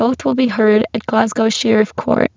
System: VC, spectral filtering